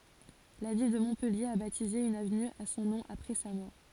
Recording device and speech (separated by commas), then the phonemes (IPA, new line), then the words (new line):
forehead accelerometer, read sentence
la vil də mɔ̃pɛlje a batize yn avny a sɔ̃ nɔ̃ apʁɛ sa mɔʁ
La ville de Montpellier a baptisé une avenue à son nom après sa mort.